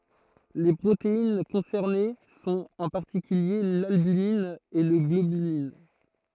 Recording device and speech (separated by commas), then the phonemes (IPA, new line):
throat microphone, read sentence
le pʁotein kɔ̃sɛʁne sɔ̃t ɑ̃ paʁtikylje lalbymin e la ɡlobylin